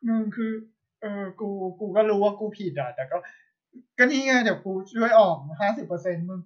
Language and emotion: Thai, sad